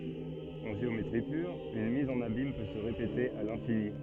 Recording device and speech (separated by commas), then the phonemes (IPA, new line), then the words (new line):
soft in-ear microphone, read sentence
ɑ̃ ʒeometʁi pyʁ yn miz ɑ̃n abim pø sə ʁepete a lɛ̃fini
En géométrie pure, une mise en abyme peut se répéter à l’infini.